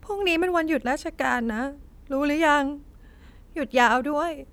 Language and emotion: Thai, sad